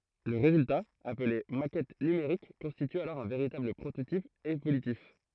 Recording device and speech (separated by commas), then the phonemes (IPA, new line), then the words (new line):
throat microphone, read sentence
lə ʁezylta aple makɛt nymeʁik kɔ̃stity alɔʁ œ̃ veʁitabl pʁototip evolytif
Le résultat, appelé maquette numérique constitue alors un véritable prototype évolutif.